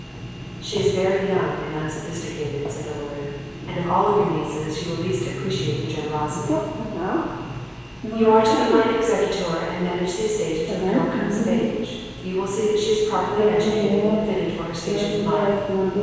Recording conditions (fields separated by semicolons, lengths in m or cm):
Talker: one person; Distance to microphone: 7.1 m; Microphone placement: far; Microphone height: 1.7 m; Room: very reverberant, large; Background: television